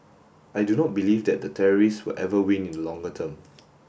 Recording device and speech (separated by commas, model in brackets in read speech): boundary microphone (BM630), read sentence